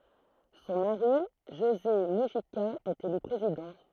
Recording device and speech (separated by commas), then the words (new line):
throat microphone, read sentence
Son mari, José Mujica, est élu président.